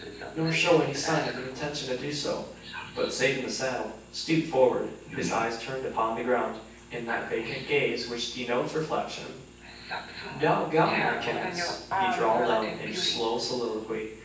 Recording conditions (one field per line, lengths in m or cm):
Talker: one person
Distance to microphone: 9.8 m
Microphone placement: far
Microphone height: 1.8 m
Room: large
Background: television